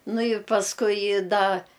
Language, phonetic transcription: Lithuanian, ˈnu i pasˈkui ˈda

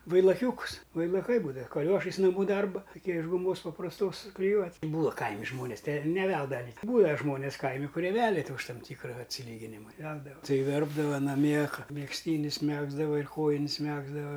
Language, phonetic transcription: Lithuanian, vailaˈkiūkus vailaˈkai ˈbūdava kaˈliošais naˈmų ˈdarba taˈkie iš guˈmos paprasˈtos sukliˈjuoti ˈbūa ˈkaimi ˈžmonės te ir neˈveldava ni ˈbūvę ˈžmonis ˈkaimi kuˈrie ˈvelia ti už ˈtam ˈtykra atsiˈlyginima i ˈveldava ˈtai ˈverpdava naˈmie ˈką megzˈtynis ˈmegzdava ir ˈkojin's ˈmegzdava

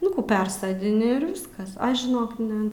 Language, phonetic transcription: Lithuanian, nu ˈkų ˈpersodini ir ˈviskas ˈaš žiˈnok ˈne

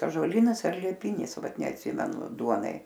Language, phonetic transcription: Lithuanian, ąžuoˈlynas ar lieˈpinis ˈvat neatˈsymenu ˈduonai

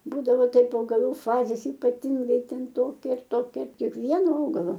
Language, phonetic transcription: Lithuanian, ˈbūdavo ˈtaip augaˈlų ˈfazės ypaˈtingai ˈten ˈtokia ar ˈtokia kiekˈvieno ˈaugalo

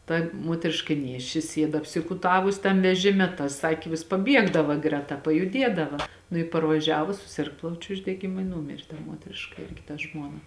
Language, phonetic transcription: Lithuanian, ˈta ˈmuotriška ˈnėšči ˈsied apsikuˈtavus ˈtam veˈžime ta ˈsakė vis paˈbiegdava ˈgreˌta pajuˈdiedava nu i parvaˈžiavus suˈsirg ˈplaučiu uždegiˈmu i ˈnūmėr' ˈmuotriška ˈirgi ta ˈžmuona

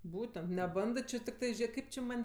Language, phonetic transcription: Lithuanian, ˈbūtent neˈbandɜ tikˈtɜ ˈžė ˈkaip či ˈman'

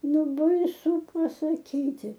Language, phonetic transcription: Lithuanian, ˈnu baiˈsu pasaˈkyti

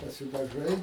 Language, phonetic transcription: Lithuanian, pasidaˈžai

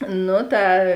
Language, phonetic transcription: Lithuanian, ˈnu ˈta

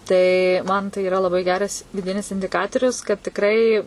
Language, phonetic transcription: Lithuanian, ˈtai ˈman tai yˈra laˈbai ˈgeras viˈdinis indiˈkatorius kad tikˈrai

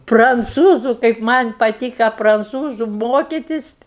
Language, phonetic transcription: Lithuanian, pranˈcūzu kaip ˈman' paˈtyka pranˈcūzu ˈmokitis

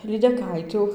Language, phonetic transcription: Lithuanian, lydeˈkaitiu

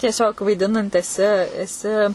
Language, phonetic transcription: Lithuanian, tieˈsiog vaiˈdinant eˈsi eˈsi

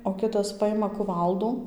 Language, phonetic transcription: Lithuanian, o ˈkitas ˈpajima kuˈvaldų

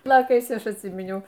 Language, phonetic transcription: Lithuanian, piˈjokais ˈaš atˈsyminiau

